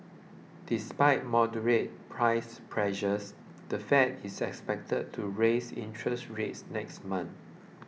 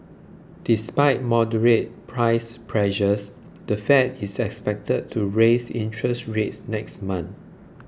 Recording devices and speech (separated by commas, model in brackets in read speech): mobile phone (iPhone 6), close-talking microphone (WH20), read sentence